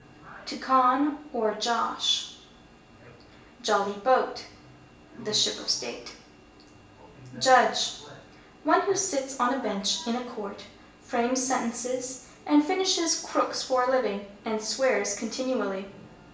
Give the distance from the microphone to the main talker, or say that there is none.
1.8 m.